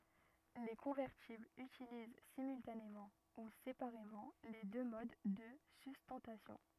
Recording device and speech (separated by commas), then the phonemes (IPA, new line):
rigid in-ear microphone, read sentence
le kɔ̃vɛʁtiblz ytiliz simyltanemɑ̃ u sepaʁemɑ̃ le dø mod də systɑ̃tasjɔ̃